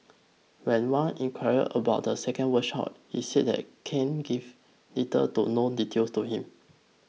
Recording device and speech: mobile phone (iPhone 6), read sentence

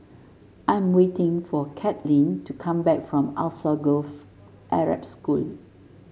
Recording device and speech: mobile phone (Samsung S8), read sentence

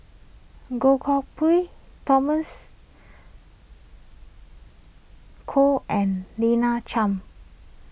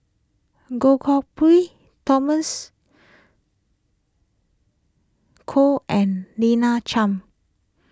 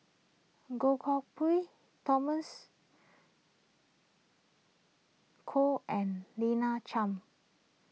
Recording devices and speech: boundary microphone (BM630), close-talking microphone (WH20), mobile phone (iPhone 6), read sentence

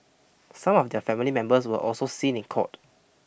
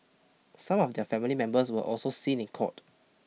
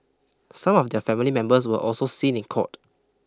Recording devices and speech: boundary microphone (BM630), mobile phone (iPhone 6), close-talking microphone (WH20), read sentence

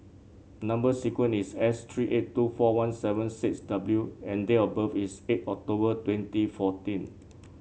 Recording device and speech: mobile phone (Samsung C7), read sentence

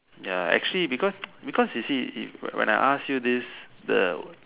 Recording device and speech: telephone, conversation in separate rooms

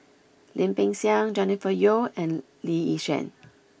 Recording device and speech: boundary microphone (BM630), read sentence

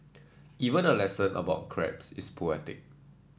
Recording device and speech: standing microphone (AKG C214), read sentence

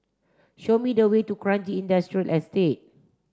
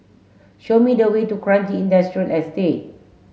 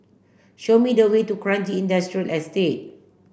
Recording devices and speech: standing microphone (AKG C214), mobile phone (Samsung S8), boundary microphone (BM630), read sentence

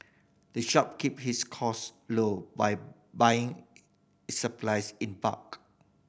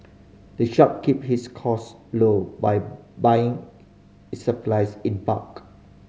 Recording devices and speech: boundary microphone (BM630), mobile phone (Samsung C5010), read sentence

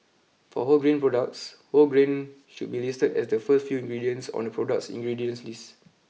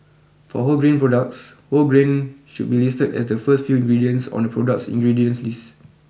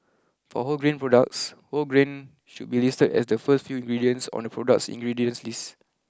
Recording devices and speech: mobile phone (iPhone 6), boundary microphone (BM630), close-talking microphone (WH20), read sentence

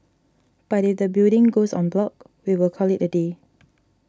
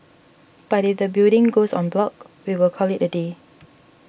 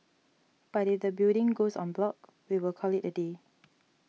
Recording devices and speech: standing microphone (AKG C214), boundary microphone (BM630), mobile phone (iPhone 6), read sentence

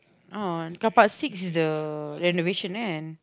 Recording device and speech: close-talking microphone, conversation in the same room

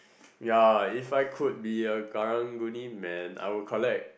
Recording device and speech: boundary microphone, conversation in the same room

